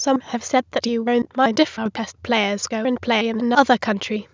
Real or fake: fake